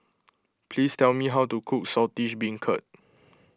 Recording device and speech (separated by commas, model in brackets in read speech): close-talking microphone (WH20), read sentence